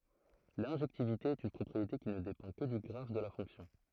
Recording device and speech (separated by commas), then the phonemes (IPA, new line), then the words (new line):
throat microphone, read sentence
lɛ̃ʒɛktivite ɛt yn pʁɔpʁiete ki nə depɑ̃ kə dy ɡʁaf də la fɔ̃ksjɔ̃
L'injectivité est une propriété qui ne dépend que du graphe de la fonction.